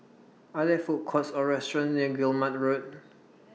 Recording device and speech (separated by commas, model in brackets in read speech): mobile phone (iPhone 6), read sentence